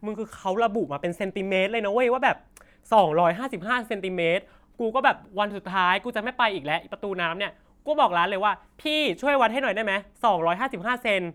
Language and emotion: Thai, frustrated